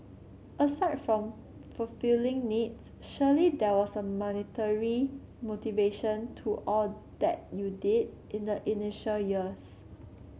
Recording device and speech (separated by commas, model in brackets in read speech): mobile phone (Samsung C7), read sentence